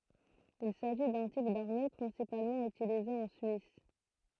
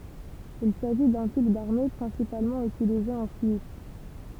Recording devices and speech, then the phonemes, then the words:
throat microphone, temple vibration pickup, read sentence
il saʒi dœ̃ tip daʁme pʁɛ̃sipalmɑ̃ ytilize ɑ̃ syis
Il s'agit d'un type d'armées principalement utilisé en Suisse.

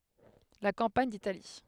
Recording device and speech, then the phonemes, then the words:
headset microphone, read sentence
la kɑ̃paɲ ditali
La campagne d’Italie.

